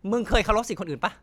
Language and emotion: Thai, angry